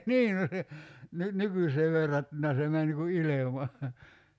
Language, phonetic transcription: Finnish, 'nii no se , 'nyt "nykysee 'verrattuna se 'män (niŋ) ku "ilema .
- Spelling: niin no se nyt nykyiseen verrattuna se meni niin kuin ilman

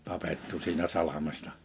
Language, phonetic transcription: Finnish, 'tapettu siinä 'salamesta .
- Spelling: tapettu siinä salmessa

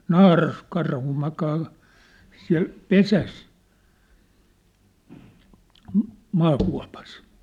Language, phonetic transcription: Finnish, naaras'karhu 'makaa , siä̭l , "pesäs , m̥- , 'maakua̭pas .
- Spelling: naaraskarhu makaa siellä pesässä - maakuopassa

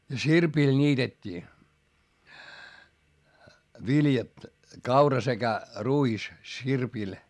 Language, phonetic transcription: Finnish, ja sirpil ńiitet́t́ii , viljat , kaura sekä , ruis , sirpil .
- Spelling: ja sirpillä niitettiin viljat kaura sekä ruis sirpillä

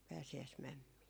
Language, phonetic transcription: Finnish, 'pääsi₍äismämmii .
- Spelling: pääsiäismämmiä

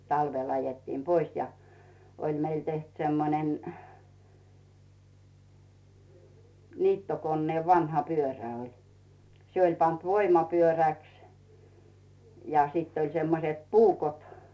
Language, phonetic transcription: Finnish, 'talvel ajettiim "pois ja , 'oĺ meil teht semmonen , 'niittokonneev 'vanha "pyörä oĺ , 'se oĺ pant "voima'pyörä̀ks , ja sìtt ‿oĺ 'semmoset "puukot .
- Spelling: talvella ajettiin pois ja oli meillä tehty semmoinen niittokoneen vanha pyörä oli se oli pantu voimapyöräksi ja sitten oli semmoiset puukot

